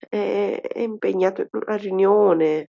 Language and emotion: Italian, fearful